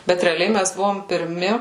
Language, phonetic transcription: Lithuanian, ˈbet reaˈliai ˈmæs ˈbuvom pirˈmi

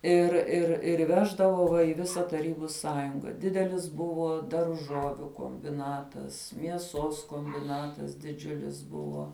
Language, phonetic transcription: Lithuanian, ir ir ir ˈveždavo va i ˈvisa taˈrybu ˈsąjunga ˈdidelis ˈbuvo darˈžoviu kombiˈnatas mieˈsos kombiˈnatas diˈdžiulis ˈbuvo

